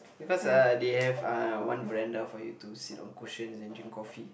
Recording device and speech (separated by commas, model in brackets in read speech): boundary microphone, conversation in the same room